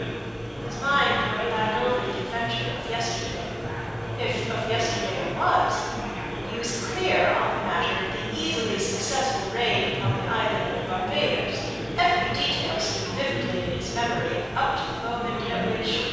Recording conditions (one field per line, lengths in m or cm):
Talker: one person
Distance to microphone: 7.1 m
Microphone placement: far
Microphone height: 1.7 m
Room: very reverberant, large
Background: babble